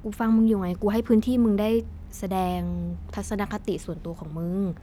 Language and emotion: Thai, frustrated